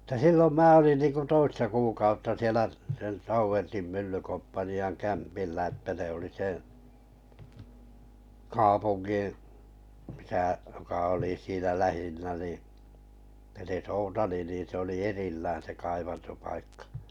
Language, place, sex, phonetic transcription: Finnish, Kalajoki, male, tᵃ̈ 'sillom 'mää olin ninku 'toista kuukautta 'sielä , sielᵃ̈ 'Tauvertim 'myllykomppani₍aŋ 'kämpillä että ne oli 'seᵉ , "kaapunGin̬ , misä , joka olì siinä 'lähiǹnä ni , (se) 'Soutali nin̬ se oli 'erillään se 'kaivanto- paikkᴀ .
- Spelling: että silloin minä olin niin kuin toista kuukautta siellä siellä Tauvertin myllykomppanian kämpillä että ne oli sen kaupungin missä joka oli siinä lähinnä niin se Soutali niin se oli erillään se kaivantopaikka

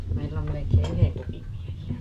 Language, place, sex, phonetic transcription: Finnish, Paavola, female, 'me ('olemmeki) "yheŋ 'kupim 'miehi₍ä .
- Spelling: me olemmekin yhden kupin miehiä

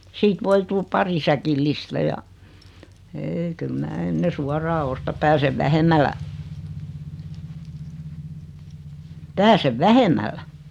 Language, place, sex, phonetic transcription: Finnish, Noormarkku, female, 'siit 'voi 'tul "pari säkillistä ja , 'eei kyl 'mää 'enne "suaraa osta 'pääsev "vähem̆mällä , "pääsev "vähem̆mällä .
- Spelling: siitä voi tulla pari säkillistä ja ei kyllä minä ennen suoraan ostan pääsen vähemmällä pääsen vähemmällä

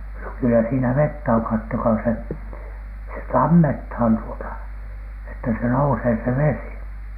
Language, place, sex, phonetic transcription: Finnish, Alatornio, male, no kyllä siinä 'vettä oŋ kattokaa se , se "tammethan tuota , että se 'nousee se "vesi .
- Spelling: no kyllä siinä vettä on katsokaa se se tammetaan tuota että se nousee se vesi

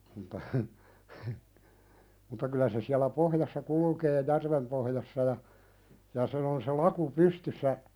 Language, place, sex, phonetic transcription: Finnish, Pälkäne, male, ᵐᵘtta hə , hə , mutta 'kylä se siälä 'pohjassa "kulukee "järvem pohjassa ja , ja sen ‿on se "laku 'pystyssä ,.
- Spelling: mutta heh heh mutta kyllä se siellä pohjassa kulkee järven pohjassa ja ja sen on se laku pystyssä

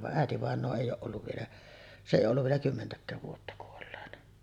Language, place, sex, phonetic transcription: Finnish, Sotkamo, female, va’ '’ä̀etivàeǹoo 'èij ‿ooˀ ˀolluv vielä , "se "’ei olluv vielä 'kymmentäk̆kääv vuotta kuolleena .
- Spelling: vaan äitivainaja ei ole ollut vielä se ei ollut vielä kymmentäkään vuotta kuolleena

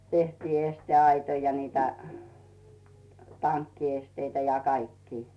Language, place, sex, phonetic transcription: Finnish, Rautu, female, tehtii 'este₍aitoi ja niitä , 'tankkiesteitä ja 'kaikkii .
- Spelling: tehtiin esteaitoja ja niitä tankkiesteitä ja kaikkia

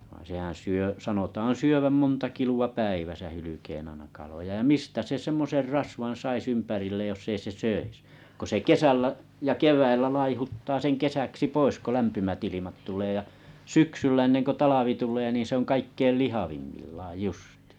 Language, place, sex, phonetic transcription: Finnish, Kalajoki, male, vᵃⁱⁱ̰ sehän 'syö sanotaan̬ 'syöväm 'monta kilu₍a 'päiväsa hylykeen ‿aina kaloja ja 'mistä se 'semmoser sais 'ympärilleej joss ‿ei se "söis , ko se "kesällä , jä "kev̀äillä 'laihuttaa seŋ "kesäksi 'pois ko 'lämpymät ilimat tulee ja , "syksyllä enneŋkö 'talavi tulee niin̬ se ‿oŋ 'kaikkeil "lihavimmillaaj 'justɪɪ .
- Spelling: vaan sehän syö sanotaan syövän monta kiloa päivässä hylkeen aina kaloja ja mistä se semmoisen saisi ympärilleen jos ei se söisi kun se kesällä ja keväällä laihduttaa sen kesäksi pois kun lämpimät ilmat tulee ja syksyllä ennen kuin talvi tulee niin se on kaikkein lihavimmillaan justiin

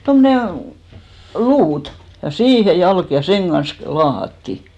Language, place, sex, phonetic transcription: Finnish, Hinnerjoki, female, 'tommone , "luut , ja "siihe "jalk , ja 'seŋ ɢans klᵘ- , "laahatti .
- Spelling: tuommoinen luuta ja siihen jalka ja sen kanssa - laahattiin

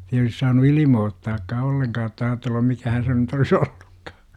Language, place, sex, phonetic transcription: Finnish, Jurva, male, ei olis saanu "ilimoottaakkaa 'olleŋkaa otta aatellum 'mikähän se nyt olis 'olLUkkAA .
- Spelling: ei olisi saanut ilmoittaakaan ollenkaan jotta ajatellut mikähän se nyt olisi ollutkaan

